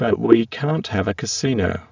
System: VC, spectral filtering